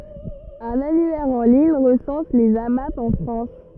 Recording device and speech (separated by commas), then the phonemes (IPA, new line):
rigid in-ear microphone, read sentence
œ̃n anyɛʁ ɑ̃ liɲ ʁəsɑ̃s lez amap ɑ̃ fʁɑ̃s